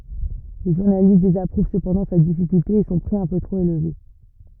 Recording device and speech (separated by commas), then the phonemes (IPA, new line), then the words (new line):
rigid in-ear microphone, read sentence
le ʒuʁnalist dezapʁuv səpɑ̃dɑ̃ sa difikylte e sɔ̃ pʁi œ̃ pø tʁop elve
Les journalistes désapprouvent cependant sa difficulté et son prix un peu trop élevé.